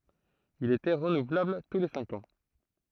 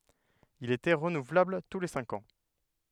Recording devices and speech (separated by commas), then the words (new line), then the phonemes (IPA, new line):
throat microphone, headset microphone, read sentence
Il était renouvelable tous les cinq ans.
il etɛ ʁənuvlabl tu le sɛ̃k ɑ̃